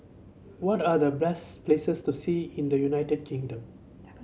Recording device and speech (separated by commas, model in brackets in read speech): mobile phone (Samsung C7), read sentence